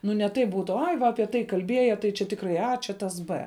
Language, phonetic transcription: Lithuanian, ˈnu ne ˈtaip ˈbūtu ˈai ˈva aˈpie tai kalˈbieja tai čia ˈtikrai a ˈčia tas ˈbɘ

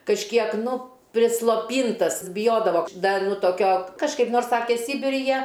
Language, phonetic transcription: Lithuanian, kažˈkiek ˈnu prisloˈpyntas biˈjodavo ˈda ˈnu toˈkio kažˈkaip ˈnors ˈsake ˈsybiri ˈjie

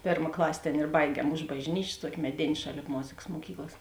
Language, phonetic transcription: Lithuanian, ˈpėrma ˈklasė ˈtėn ir ˈbaigiem už bažˈnyčės ˈtuoki meˈdėn' ˈšaˌlėp ˈmozėkas moˈkyklas

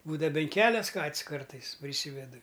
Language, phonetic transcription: Lithuanian, ˈbūdava ben ˈkelias ˈkat's' ˈkartais priˈsyvedu

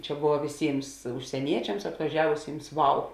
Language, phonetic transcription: Lithuanian, ˈčia ˈbova viˈsyms užsieˈniečiams atvaˈžiavusyms ˈvau

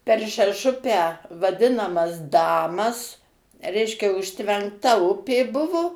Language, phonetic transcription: Lithuanian, per šeˈšupę vaˈdinamas ˈdamas ˈreiškia užtvenkˈta ˈupė ˈbuvu

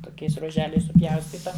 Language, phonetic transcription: Lithuanian, toˈkiais ruoˈželiais suˈpjaustyta

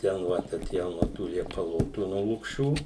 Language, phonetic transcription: Lithuanian, ˈten ˈ vat aˈtėjom nuo ˈtų liepaˈlotų nuo lukˈšių

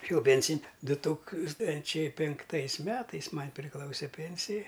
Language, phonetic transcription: Lithuanian, išėˈjau ˈpėnsin' ˈdu ˈtūkstančiai pinkˈtaisˈmetais ˈman' priˈklause ˈpėnsija

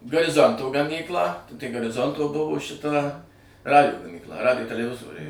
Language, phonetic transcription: Lithuanian, gariˈzonto gaˈmyklą tai gariˈzonto ˈbuvo šiˈta ˈradijo gamykˈla ˈradijo teleˈvizoriai

